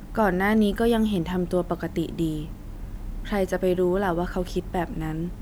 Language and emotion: Thai, frustrated